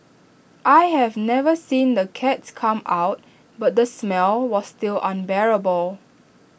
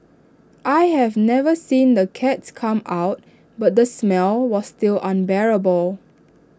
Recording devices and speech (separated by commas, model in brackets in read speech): boundary microphone (BM630), standing microphone (AKG C214), read sentence